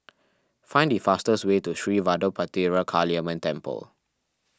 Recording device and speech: standing microphone (AKG C214), read sentence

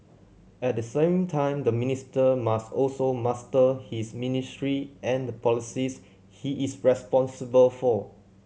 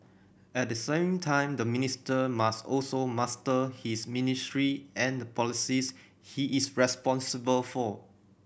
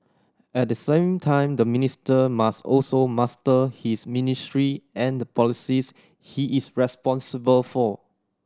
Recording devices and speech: mobile phone (Samsung C7100), boundary microphone (BM630), standing microphone (AKG C214), read sentence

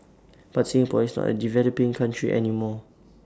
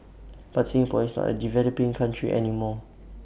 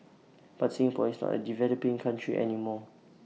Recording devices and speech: standing microphone (AKG C214), boundary microphone (BM630), mobile phone (iPhone 6), read sentence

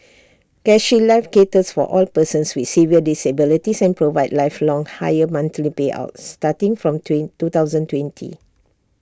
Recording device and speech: standing microphone (AKG C214), read sentence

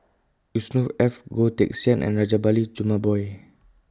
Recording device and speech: close-talking microphone (WH20), read sentence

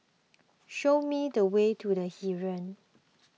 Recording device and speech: mobile phone (iPhone 6), read sentence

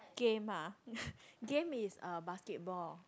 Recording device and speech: close-talking microphone, conversation in the same room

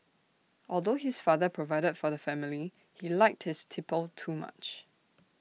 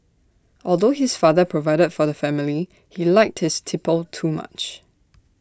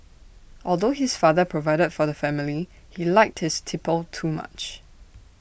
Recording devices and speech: mobile phone (iPhone 6), standing microphone (AKG C214), boundary microphone (BM630), read sentence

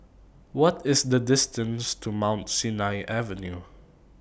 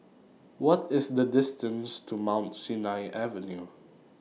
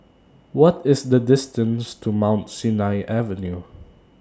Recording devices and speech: boundary microphone (BM630), mobile phone (iPhone 6), standing microphone (AKG C214), read sentence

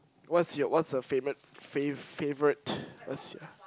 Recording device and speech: close-talking microphone, conversation in the same room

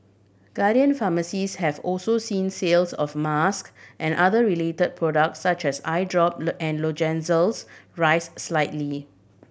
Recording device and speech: boundary microphone (BM630), read sentence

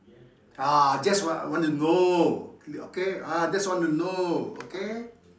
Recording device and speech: standing microphone, conversation in separate rooms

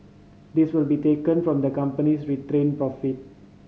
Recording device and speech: mobile phone (Samsung C5010), read sentence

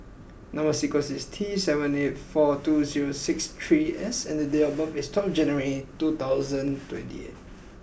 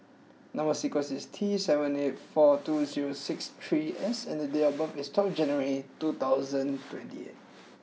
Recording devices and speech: boundary microphone (BM630), mobile phone (iPhone 6), read sentence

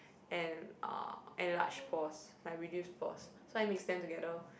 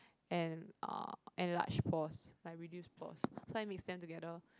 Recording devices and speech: boundary microphone, close-talking microphone, conversation in the same room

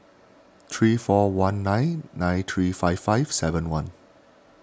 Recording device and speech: standing microphone (AKG C214), read sentence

